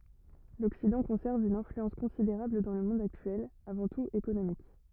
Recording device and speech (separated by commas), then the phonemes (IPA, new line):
rigid in-ear microphone, read sentence
lɔksidɑ̃ kɔ̃sɛʁv yn ɛ̃flyɑ̃s kɔ̃sideʁabl dɑ̃ lə mɔ̃d aktyɛl avɑ̃ tut ekonomik